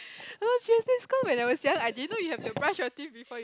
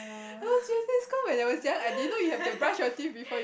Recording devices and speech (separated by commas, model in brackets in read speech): close-talking microphone, boundary microphone, conversation in the same room